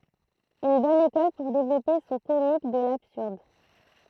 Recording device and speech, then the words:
throat microphone, read sentence
Une bonne école pour développer son comique de l'absurde.

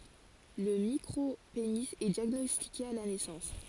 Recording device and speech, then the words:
forehead accelerometer, read sentence
Le micropénis est diagnostiqué à la naissance.

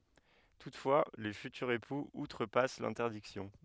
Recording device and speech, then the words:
headset microphone, read sentence
Toutefois, les futurs époux outrepassent l'interdiction.

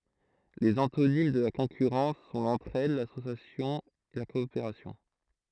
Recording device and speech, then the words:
throat microphone, read sentence
Les antonymes de la concurrence sont l'entraide, l'association, la coopération.

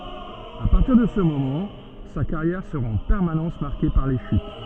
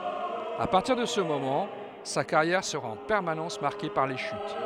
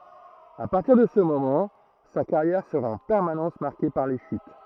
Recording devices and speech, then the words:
soft in-ear microphone, headset microphone, throat microphone, read sentence
À partir de ce moment, sa carrière sera en permanence marquée par les chutes.

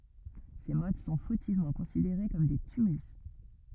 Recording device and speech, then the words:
rigid in-ear microphone, read sentence
Ces mottes sont fautivement considérées comme des tumulus.

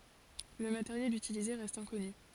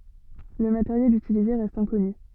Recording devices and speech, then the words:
forehead accelerometer, soft in-ear microphone, read sentence
Le matériel utilisé reste inconnu.

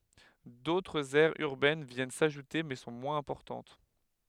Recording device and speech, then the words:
headset microphone, read sentence
D'autres aires urbaines viennent s'ajouter mais sont moins importantes.

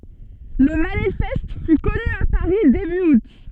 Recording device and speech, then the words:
soft in-ear microphone, read sentence
Le manifeste fut connu à Paris début août.

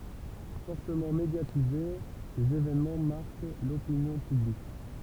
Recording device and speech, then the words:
temple vibration pickup, read sentence
Fortement médiatisés, ces évènements marquent l'opinion publique.

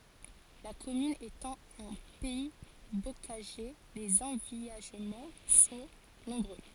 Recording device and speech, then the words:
forehead accelerometer, read sentence
La commune étant en pays bocager, les envillagements sont nombreux.

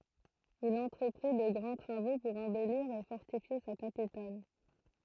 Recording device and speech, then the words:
throat microphone, read sentence
Il entreprit de grands travaux pour embellir et fortifier sa capitale.

